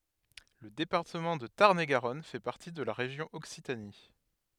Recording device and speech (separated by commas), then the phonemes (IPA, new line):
headset microphone, read sentence
lə depaʁtəmɑ̃ də taʁn e ɡaʁɔn fɛ paʁti də la ʁeʒjɔ̃ ɔksitani